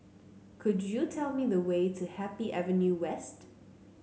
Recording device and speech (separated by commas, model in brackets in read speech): mobile phone (Samsung C9), read sentence